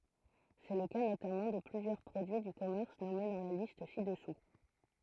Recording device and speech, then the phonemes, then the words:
throat microphone, read sentence
sɛ lə ka notamɑ̃ də plyzjœʁ pʁodyi dy kɔmɛʁs nɔme dɑ̃ la list si dəsu
C'est le cas notamment de plusieurs produits du commerce nommés dans la liste ci-dessous.

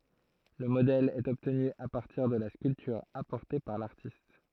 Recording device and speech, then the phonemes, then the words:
throat microphone, read sentence
lə modɛl ɛt ɔbtny a paʁtiʁ də la skyltyʁ apɔʁte paʁ laʁtist
Le modèle est obtenu à partir de la sculpture apportée par l'artiste.

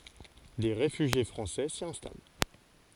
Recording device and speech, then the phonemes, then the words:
forehead accelerometer, read sentence
de ʁefyʒje fʁɑ̃sɛ si ɛ̃stal
Des réfugiés français s'y installent.

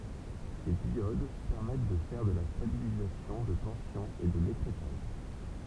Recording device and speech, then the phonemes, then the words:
temple vibration pickup, read sentence
se djod pɛʁmɛt də fɛʁ də la stabilizasjɔ̃ də tɑ̃sjɔ̃ e də lekʁɛtaʒ
Ces diodes permettent de faire de la stabilisation de tension et de l'écrêtage.

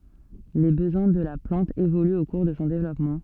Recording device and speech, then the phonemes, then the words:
soft in-ear microphone, read sentence
le bəzwɛ̃ də la plɑ̃t evolyt o kuʁ də sɔ̃ devlɔpmɑ̃
Les besoins de la plante évoluent au cours de son développement.

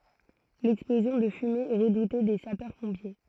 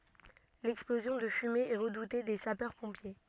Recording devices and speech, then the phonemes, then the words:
throat microphone, soft in-ear microphone, read sentence
lɛksplozjɔ̃ də fymez ɛ ʁədute de sapœʁspɔ̃pje
L'explosion de fumées est redoutée des sapeurs-pompiers.

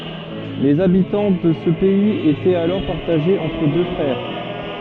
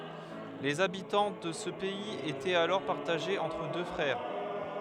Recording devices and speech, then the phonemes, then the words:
soft in-ear microphone, headset microphone, read sentence
lez abitɑ̃ də sə pɛiz etɛt alɔʁ paʁtaʒez ɑ̃tʁ dø fʁɛʁ
Les habitants de ce pays étaient alors partagés entre deux frères.

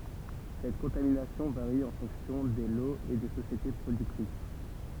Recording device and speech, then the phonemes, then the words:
temple vibration pickup, read sentence
sɛt kɔ̃taminasjɔ̃ vaʁi ɑ̃ fɔ̃ksjɔ̃ de loz e de sosjete pʁodyktʁis
Cette contamination varie en fonction des lots et des sociétés productrices.

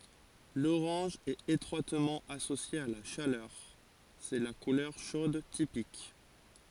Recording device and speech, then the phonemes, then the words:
forehead accelerometer, read sentence
loʁɑ̃ʒ ɛt etʁwatmɑ̃ asosje a la ʃalœʁ sɛ la kulœʁ ʃod tipik
L'orange est étroitement associé à la chaleur, c'est la couleur chaude typique.

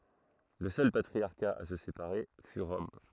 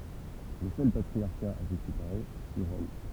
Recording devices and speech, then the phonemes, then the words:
throat microphone, temple vibration pickup, read sentence
lə sœl patʁiaʁka a sə sepaʁe fy ʁɔm
Le seul patriarcat à se séparer fut Rome.

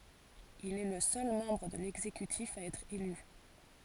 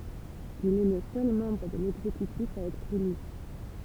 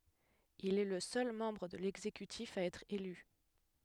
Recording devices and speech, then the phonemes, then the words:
forehead accelerometer, temple vibration pickup, headset microphone, read sentence
il ɛ lə sœl mɑ̃bʁ də lɛɡzekytif a ɛtʁ ely
Il est le seul membre de l'exécutif à être élu.

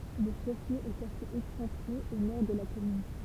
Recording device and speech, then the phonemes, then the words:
temple vibration pickup, read sentence
lə ʃɛf ljø ɛt asez ɛksɑ̃tʁe o nɔʁ də la kɔmyn
Le chef-lieu est assez excentré au nord de la commune.

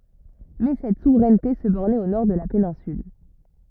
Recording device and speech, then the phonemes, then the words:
rigid in-ear microphone, read sentence
mɛ sɛt suvʁɛnte sə bɔʁnɛt o nɔʁ də la penɛ̃syl
Mais cette souveraineté se bornait au nord de la péninsule.

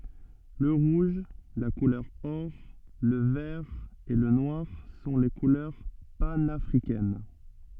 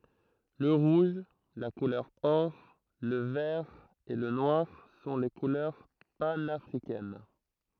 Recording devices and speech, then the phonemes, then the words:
soft in-ear microphone, throat microphone, read sentence
lə ʁuʒ la kulœʁ ɔʁ lə vɛʁ e lə nwaʁ sɔ̃ le kulœʁ panafʁikɛn
Le rouge, la couleur or, le vert et le noir sont les couleurs panafricaines.

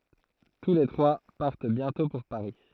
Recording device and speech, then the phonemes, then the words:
throat microphone, read sentence
tu le tʁwa paʁt bjɛ̃tɔ̃ puʁ paʁi
Tous les trois partent bientôt pour Paris...

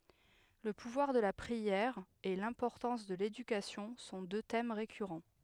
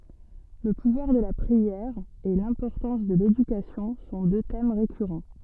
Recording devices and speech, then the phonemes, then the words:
headset microphone, soft in-ear microphone, read sentence
lə puvwaʁ də la pʁiɛʁ e lɛ̃pɔʁtɑ̃s də ledykasjɔ̃ sɔ̃ dø tɛm ʁekyʁɑ̃
Le pouvoir de la prière et l'importance de l'éducation sont deux thèmes récurrents.

